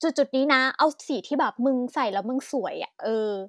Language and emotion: Thai, happy